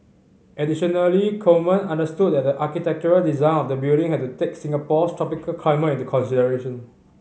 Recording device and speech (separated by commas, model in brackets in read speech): mobile phone (Samsung C5010), read sentence